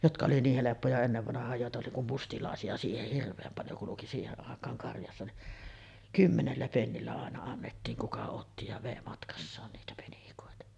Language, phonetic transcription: Finnish, jotka oli 'niih 'heleppoja ennevvanah̀aaj 'jòeta oli kum 'mustilàesi₍a siiheh 'hirv̆veem paljo kuluki 'siiheˀ 'ˀàek̆kaaŋ karjassa ni , "kymmenellä 'pennillä àena annettiiŋ 'kuka otti ja vèi matkassaan 'niitä penikòeta .
- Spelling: jotka oli niin helppoja ennen vanhaan joita oli kun mustalaisia siihen hirveän paljon kulki siihen aikaan karjassa niin kymmenellä pennillä aina annettiin kuka otti ja vei matkassaan niitä penikoita

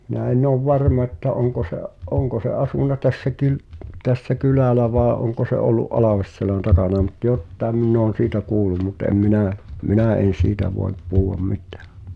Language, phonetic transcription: Finnish, mⁱnä en'n ‿ov "varma että 'oŋko se’ , "’oŋko se 'asùna tässäki(l) , tässä "kylä̀lä vàe ’oŋko se ’ollu’ "’Alàvesselän takana mut "jottaem minn ‿oon̬ siitä 'kuulum mut em 'minä̀ , "minä̀ en̬ "siitä voe(p) , 'puhu₍am 'mit̳ᴀ̈ᴀ̈ .
- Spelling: minä en ole varma että onko se onko se asunut tässäkin tässä kylällä vai onko se ollut Alveselän takana mutta jotakin minä olen siitä kuullut mutta en minä minä en siitä voi puhua mitään

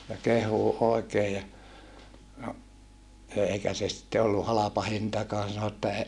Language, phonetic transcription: Finnish, ja keh̀uu òekee ja , no , èikä se sitte ollu halapa hintakaan sano että ,.
- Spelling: ja kehuu oikein ja no eikä se sitten ollut halpa hintakaan sanoi että

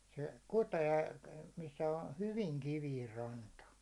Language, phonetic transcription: Finnish, se "kutee , missä ə "hyviŋ 'kiviir 'ranta .
- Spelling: se kutee missä on hyvin kivinen ranta

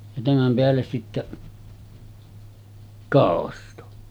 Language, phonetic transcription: Finnish, ja 'tämäm peälles sittä , 'kàosto .
- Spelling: ja tämän päälle sitten kausto

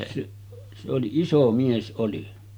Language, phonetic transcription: Finnish, seˀ , se oli "iso 'mies ˀoli .
- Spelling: se se oli iso mies oli

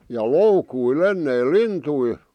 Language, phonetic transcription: Finnish, ja "loukuil "enneil "lintui .
- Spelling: ja loukuilla ennen lintuja

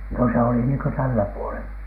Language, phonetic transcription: Finnish, no se oli niiŋkö "tällä 'puolen .
- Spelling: no se oli niin kuin tällä puolen

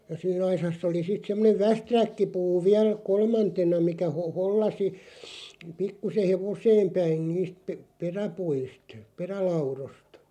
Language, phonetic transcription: Finnish, ja sii'n ‿aisass ‿oli sit 'semmonev "västräkkipuu 'viäl , "kolmantena mikä ho- 'hollasi , 'pikkuseʰ "hevoseem 'päin niist , ᵖᵉ- "peräpuist , 'perälaurost .
- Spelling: ja siinä aisassa oli sitten semmoinen västäräkkipuu vielä kolmantena mikä - hollasi pikkuisen hevoseen päin niistä - peräpuista perälaudoista

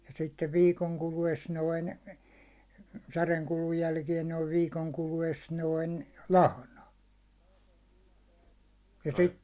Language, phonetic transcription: Finnish, ja sittev 'viikoŋ kulu₍es 'noin , säreŋ kulun 'jälkiɛn noiv 'viikoŋ kulu₍es 'noin , "lahna , ja sit- ,.
- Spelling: ja sitten viikon kuluessa noin särjen kudun jälkeen noin viikon kuluessa noin lahna ja -

